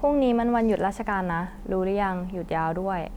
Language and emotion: Thai, neutral